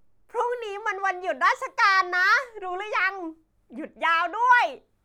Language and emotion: Thai, happy